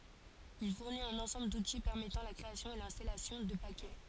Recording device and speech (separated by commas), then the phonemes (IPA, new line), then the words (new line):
forehead accelerometer, read sentence
il fuʁnit œ̃n ɑ̃sɑ̃bl duti pɛʁmɛtɑ̃ la kʁeasjɔ̃ e lɛ̃stalasjɔ̃ də pakɛ
Il fournit un ensemble d'outils permettant la création et l'installation de paquets.